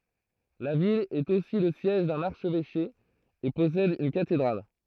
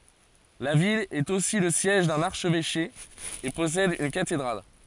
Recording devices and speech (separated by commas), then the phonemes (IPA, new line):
throat microphone, forehead accelerometer, read sentence
la vil ɛt osi lə sjɛʒ dœ̃n aʁʃvɛʃe e pɔsɛd yn katedʁal